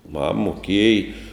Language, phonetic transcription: Lithuanian, ˈmam moˈkėj

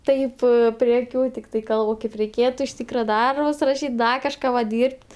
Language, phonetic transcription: Lithuanian, ˈtaip prie aˈkių tikˈtai ˈkalb o ˈkaip reiˈkėtu iš ˈtykra ˈdarbus raˈšyt' ˈda kažˈką va ˈdyrb't'

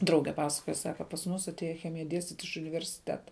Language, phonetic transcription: Lithuanian, ˈdrauge ˈpasakoja ˈsaka pas ˈmus atˈėja ˈchemija ˈdiestyt' iš universiˈteta

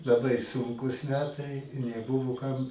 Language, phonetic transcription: Lithuanian, laˈbai ˈsunkūs ˈmetai i neˈbuvo kam

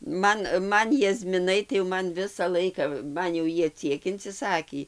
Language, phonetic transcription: Lithuanian, ˈman ˈman jazmiˈnai tai jo ˈman ˈvisa laika ˈman jau ˈjie ˈciek inciˈsakį

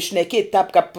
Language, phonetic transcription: Lithuanian, šneˈkiet' tāp kap

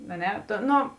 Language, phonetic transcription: Lithuanian, a ˈne tu ˈno

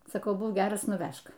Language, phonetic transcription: Lithuanian, saˈkau ˈbūk ˈgeras nuˈvæžk

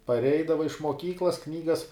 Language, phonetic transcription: Lithuanian, parˈeidavai iš muoˈkyklas ˈknygas

